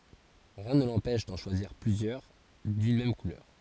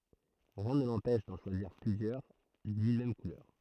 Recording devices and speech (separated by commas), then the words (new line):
forehead accelerometer, throat microphone, read sentence
Rien ne l'empêche d'en choisir plusieurs d'une même couleur.